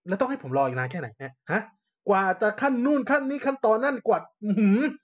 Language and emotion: Thai, angry